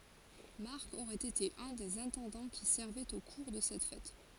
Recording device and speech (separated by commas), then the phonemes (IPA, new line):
forehead accelerometer, read sentence
maʁk oʁɛt ete œ̃ dez ɛ̃tɑ̃dɑ̃ ki sɛʁvɛt o kuʁ də sɛt fɛt